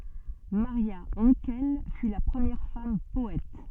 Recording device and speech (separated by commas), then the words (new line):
soft in-ear microphone, read sentence
Maria Hankel fut la première femme poète.